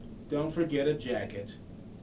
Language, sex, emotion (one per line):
English
male
neutral